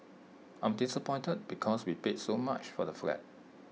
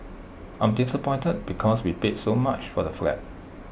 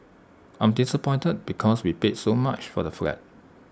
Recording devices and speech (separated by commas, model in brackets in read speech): mobile phone (iPhone 6), boundary microphone (BM630), standing microphone (AKG C214), read sentence